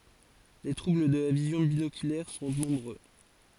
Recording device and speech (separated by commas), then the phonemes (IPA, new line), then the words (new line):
forehead accelerometer, read sentence
le tʁubl də la vizjɔ̃ binokylɛʁ sɔ̃ nɔ̃bʁø
Les troubles de la vision binoculaire sont nombreux.